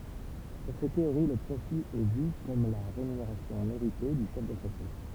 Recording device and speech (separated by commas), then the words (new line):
temple vibration pickup, read sentence
Pour ces théories le profit est vu comme la rémunération méritée du chef d'entreprise.